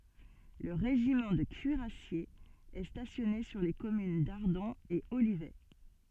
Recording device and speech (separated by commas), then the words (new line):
soft in-ear microphone, read sentence
Le régiment de cuirassiers est stationné sur les communes d'Ardon et Olivet.